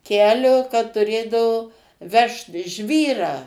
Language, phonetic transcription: Lithuanian, ˈkelio kad tuˈrėdavo ˈvežt ˈžvyrą

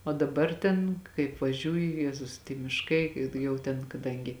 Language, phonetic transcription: Lithuanian, o daˈbar ˈten kaip vaˈžiūju ˈjezus tie mišˈkai i ˈjau ten kaˈdangi

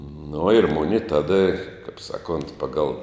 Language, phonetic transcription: Lithuanian, nu ir ˈmuni ˈtada kap ˈsaˌkunt ˈpagal

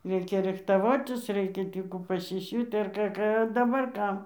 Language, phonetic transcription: Lithuanian, ˈreikia ˈrichtavotis ˈreikia ˈtį kų pasiˈsiūt' ar ˈką ˈką a daˈbar ˈkam

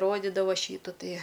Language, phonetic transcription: Lithuanian, ˈrodidava ˈšytu ˈtie

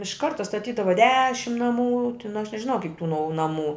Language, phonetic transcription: Lithuanian, iš ˈkarta staˈtydava ˈdešim naˈmų tin aš nežiˈnau kik tų nau naˈmų

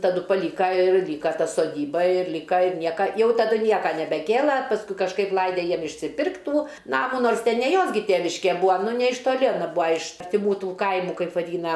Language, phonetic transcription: Lithuanian, taˈdu paˈlyka ir ˈlyka ˈta soˈdyba ir ˈlyka ir ˈnieka ˈjau taˈdu ˈnieka nebeˈkėla pasˈkui kažˈkaip ˈlaide ˈjiem išsiˈpirkt' ˈtų ˈnamų ˈnors ˈten ne ˈjos gi ˈtėviške ˈbua ˈnu ne iš toˈli aˈna ˈbūa iš artiˈmų ˈtų ˈkaimų ˈkaip vaˈdyna

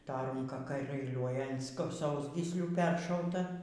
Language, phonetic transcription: Lithuanian, ta ˈrūnka kai ˈliūliuoja an sk ˈsausgyslių ˈperšauta

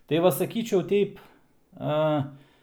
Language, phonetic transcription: Lithuanian, tai ˈva saˈkyčiau ˈteip ˈa

